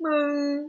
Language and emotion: Thai, sad